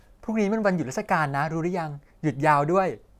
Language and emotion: Thai, happy